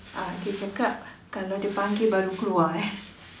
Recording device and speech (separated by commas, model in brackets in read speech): standing microphone, conversation in separate rooms